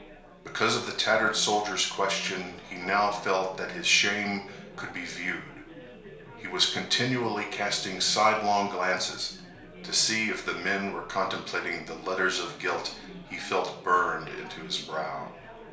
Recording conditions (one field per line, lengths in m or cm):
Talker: one person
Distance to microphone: 1.0 m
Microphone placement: close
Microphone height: 1.1 m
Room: small (3.7 m by 2.7 m)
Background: babble